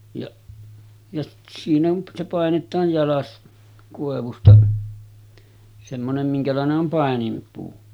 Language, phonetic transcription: Finnish, jaˀ , ja 'siin ‿on se 'pàenet̆taaj 'jalas , kòevusta , semmonem 'miŋkälàene’ ’om 'pàenimpuu .
- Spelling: ja ja siinä on se painetaan jalas koivusta semmoinen minkälainen on paininpuu

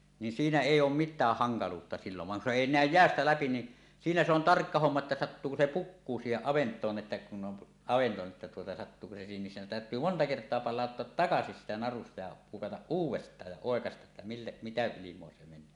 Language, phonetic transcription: Finnish, nin 'siinä 'èij̆j ‿oom "mit̆tääh "haŋkaluutta sillov vaŋ kun se 'èi "nä̀öj "jeästä 'läpi ni , 'siinä se ‿on "tarkka 'homma että 'sattuuko 'se "pukkuu 'siiheˀ 'ˀavent̀oon ’että kun ’on , avento että tuota 'sattuuko se 'siihem missä on 'tä̀öt̀yy "monta "kert̀oa 'pal̆làottoat "takasis siitä narusta ja 'pukataˀ "ˀuuw̆west̀aaj ja "òekastaˀ ˀettä 'mille , 'mitä ilim̀oa se meǹöö .
- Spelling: niin siinä ei ole mitään hankaluutta silloin vaan kun se ei näy jäästä läpi niin siinä se on tarkka homma että sattuuko se pukkuu siihen avantoon että kun on avanto että tuota sattuuko se siihen missä on täytyy monta kertaa palauttaa takaisin siitä narusta ja pukata uudestaan ja oikaista että mille mitä ilmaa se menee

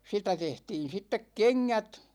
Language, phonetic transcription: Finnish, 'sitä 'tehtiin̬ 'sittek "keŋŋät .
- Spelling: sitä tehtiin sitten kengät

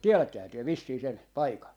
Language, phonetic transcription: Finnish, "tielättehää työ vissii 'sen , 'paikan ?
- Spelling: tiedättehän te vissiin sen paikan

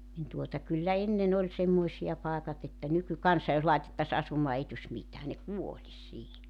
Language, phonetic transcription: Finnish, nin tuota , kyllä 'ennen ‿oĺ 'semmoisi₍a 'pàekat ‿että , 'nykykansa jos 'laitettas 'asumaa 'ei tuś 'mitää ne "kuolis 'siihi .
- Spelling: niin tuota kyllä ennen oli semmoisia paikat että nykykansa jos laitettaisiin asumaan ei tulisi mitään ne kuolisi siihen

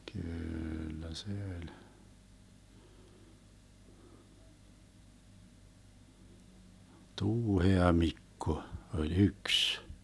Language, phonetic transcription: Finnish, 'kyyllä se öĺ , 'Tuuhea-'Mikko , 'oĺ "yks .
- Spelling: kyllä se oli Tuuhea-Mikko oli yksi

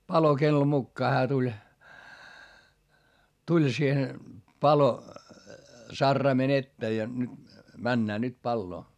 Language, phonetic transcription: Finnish, palokello mukkaa hää tuĺ , tuĺ siihen , palo- , -sarraimen ‿ettee ja nyt , männää nyt palloo .
- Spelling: palokello mukaan hän tuli tuli siihen - palosaraimen eteen ja nyt mennään nyt paloa

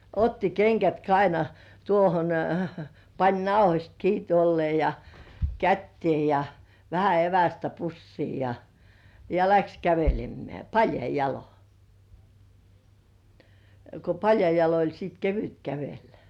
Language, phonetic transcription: Finnish, 'otti "keŋkät kaina- tuohon , 'pań "nauhośt kii tuollĭè ja , "kättiè ja , 'vähä "evästä "pussii ja , ja "läks 'kävelemmeä̀ , "paljai 'jalo , ko 'paljai jalo oĺ siit "kevyt 'kävellᴀ̈ .
- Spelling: otti kengät - tuohon pani nauhoista kiinni tuolla lailla ja käteen ja vähän evästä pussiin ja ja lähti kävelemään paljain jaloin kun paljain jaloin oli sitten kevyt kävellä

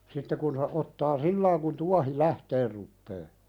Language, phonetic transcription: Finnish, sitte kun se , '’ottaa "sillaiŋ kun 'tuahi "lähteer ruppee .
- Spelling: sitten kun se ottaa silloin kun tuohi lähtemään rupeaa

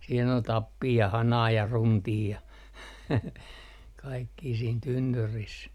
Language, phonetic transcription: Finnish, siin ‿ol 'tappii ja 'hanaa ja 'runtii ja kaikkii siin 'tynnyris .
- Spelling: siinä oli tappia ja hanaa ja runtia ja kaikkia siinä tynnyrissä

